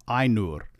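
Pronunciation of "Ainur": In 'Ainur', the first syllable is an I diphthong, and the r does not change the sound of the u, so the word is said 'I-nur'.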